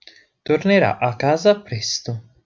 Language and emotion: Italian, neutral